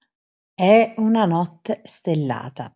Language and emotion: Italian, neutral